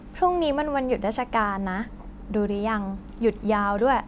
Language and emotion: Thai, happy